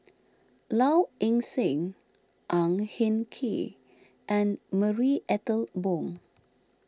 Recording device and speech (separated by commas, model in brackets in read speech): standing microphone (AKG C214), read sentence